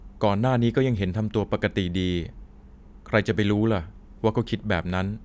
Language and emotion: Thai, neutral